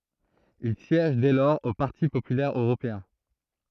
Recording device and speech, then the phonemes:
throat microphone, read sentence
il sjɛʒ dɛ lɔʁz o paʁti popylɛʁ øʁopeɛ̃

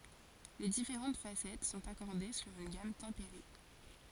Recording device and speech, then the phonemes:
forehead accelerometer, read sentence
le difeʁɑ̃t fasɛt sɔ̃t akɔʁde syʁ yn ɡam tɑ̃peʁe

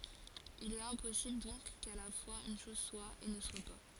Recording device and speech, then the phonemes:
forehead accelerometer, read sentence
il ɛt ɛ̃pɔsibl dɔ̃k ka la fwaz yn ʃɔz swa e nə swa pa

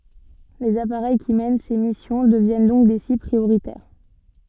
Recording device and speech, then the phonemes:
soft in-ear microphone, read sentence
lez apaʁɛj ki mɛn se misjɔ̃ dəvjɛn dɔ̃k de sibl pʁioʁitɛʁ

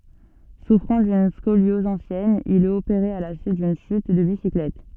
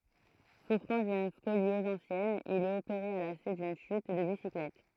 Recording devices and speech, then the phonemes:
soft in-ear microphone, throat microphone, read sentence
sufʁɑ̃ dyn skoljɔz ɑ̃sjɛn il ɛt opeʁe a la syit dyn ʃyt də bisiklɛt

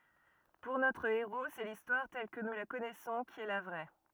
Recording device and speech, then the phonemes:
rigid in-ear microphone, read sentence
puʁ notʁ eʁo sɛ listwaʁ tɛl kə nu la kɔnɛsɔ̃ ki ɛ la vʁɛ

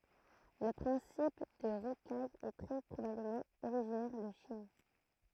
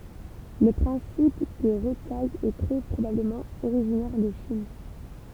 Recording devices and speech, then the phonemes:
throat microphone, temple vibration pickup, read sentence
lə pʁɛ̃sip də ʁokaj ɛ tʁɛ pʁobabləmɑ̃ oʁiʒinɛʁ də ʃin

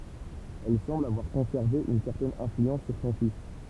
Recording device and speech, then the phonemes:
temple vibration pickup, read sentence
ɛl sɑ̃bl avwaʁ kɔ̃sɛʁve yn sɛʁtɛn ɛ̃flyɑ̃s syʁ sɔ̃ fis

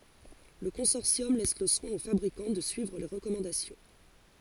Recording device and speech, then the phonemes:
forehead accelerometer, read sentence
lə kɔ̃sɔʁsjɔm lɛs lə swɛ̃ o fabʁikɑ̃ də syivʁ le ʁəkɔmɑ̃dasjɔ̃

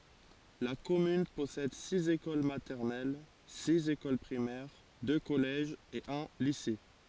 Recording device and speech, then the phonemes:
forehead accelerometer, read sentence
la kɔmyn pɔsɛd siz ekol matɛʁnɛl siz ekol pʁimɛʁ dø kɔlɛʒz e œ̃ lise

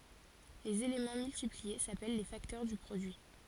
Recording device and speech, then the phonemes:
forehead accelerometer, read sentence
lez elemɑ̃ myltiplie sapɛl le faktœʁ dy pʁodyi

